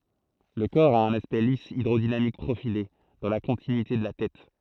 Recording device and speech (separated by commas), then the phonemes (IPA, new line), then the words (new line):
throat microphone, read sentence
lə kɔʁ a œ̃n aspɛkt lis idʁodinamik pʁofile dɑ̃ la kɔ̃tinyite də la tɛt
Le corps a un aspect lisse hydrodynamique profilé dans la continuité de la tête.